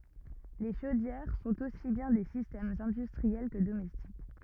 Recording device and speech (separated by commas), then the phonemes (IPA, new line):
rigid in-ear microphone, read sentence
le ʃodjɛʁ sɔ̃t osi bjɛ̃ de sistɛmz ɛ̃dystʁiɛl kə domɛstik